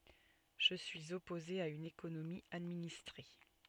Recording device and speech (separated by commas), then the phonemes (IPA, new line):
soft in-ear microphone, read sentence
ʒə syiz ɔpoze a yn ekonomi administʁe